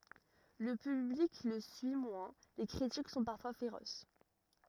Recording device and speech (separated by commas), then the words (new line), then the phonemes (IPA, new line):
rigid in-ear microphone, read sentence
Le public le suit moins, les critiques sont parfois féroces.
lə pyblik lə syi mwɛ̃ le kʁitik sɔ̃ paʁfwa feʁos